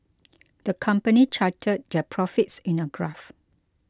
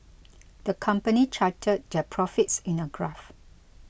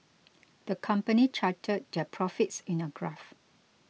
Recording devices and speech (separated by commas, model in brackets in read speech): close-talking microphone (WH20), boundary microphone (BM630), mobile phone (iPhone 6), read sentence